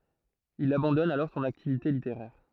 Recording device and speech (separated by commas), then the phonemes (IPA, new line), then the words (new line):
throat microphone, read sentence
il abɑ̃dɔn alɔʁ sɔ̃n aktivite liteʁɛʁ
Il abandonne alors son activité littéraire.